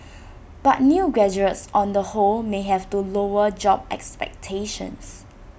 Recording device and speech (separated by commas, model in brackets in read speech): boundary microphone (BM630), read sentence